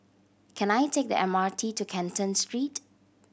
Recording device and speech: boundary microphone (BM630), read sentence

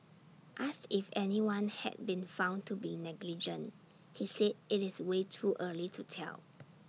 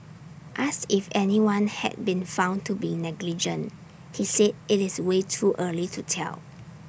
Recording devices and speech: mobile phone (iPhone 6), boundary microphone (BM630), read sentence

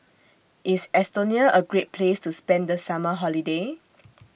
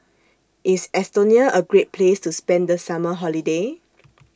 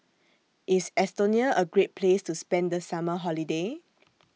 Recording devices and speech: boundary microphone (BM630), standing microphone (AKG C214), mobile phone (iPhone 6), read sentence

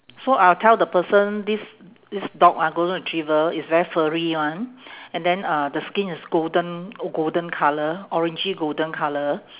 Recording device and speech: telephone, conversation in separate rooms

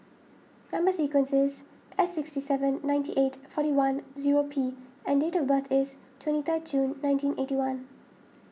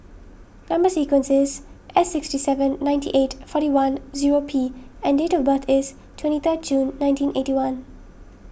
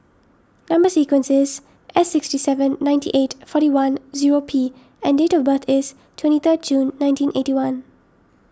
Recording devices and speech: mobile phone (iPhone 6), boundary microphone (BM630), standing microphone (AKG C214), read sentence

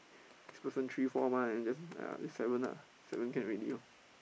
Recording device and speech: boundary microphone, conversation in the same room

